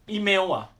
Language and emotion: Thai, frustrated